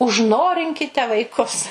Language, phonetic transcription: Lithuanian, užˈnorinkite vaiˈkus

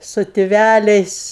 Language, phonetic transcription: Lithuanian, su tiˈvæliais

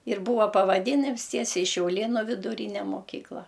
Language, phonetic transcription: Lithuanian, ir ˈbūva pavaˈdynims ˈtiesiai šiauˈlėnu viduˈryne moˈkykla

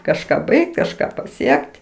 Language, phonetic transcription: Lithuanian, kažˈką ˈbaigt kažˈką paˈsiek't'

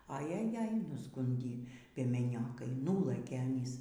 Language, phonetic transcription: Lithuanian, a jaˈjaj nusˈgundį piemeˈniokai ˈnulɘkė aˈnys

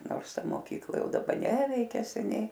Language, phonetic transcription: Lithuanian, ˈnors ˈta moˈkykla ˈjau daˈba ˈneveikia seˈniai

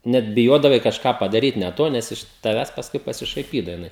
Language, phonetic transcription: Lithuanian, ˈnet biˈjodavai kažˈką padaˈryt ne ˈto ˈnes iš taˈvęs pasˈkui pasišaiˈpydava jiˈnai

